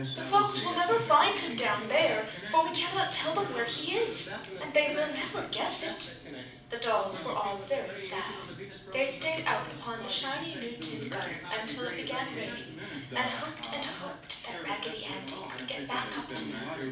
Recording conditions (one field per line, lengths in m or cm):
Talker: one person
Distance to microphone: 5.8 m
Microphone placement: far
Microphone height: 1.8 m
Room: medium-sized (5.7 m by 4.0 m)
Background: television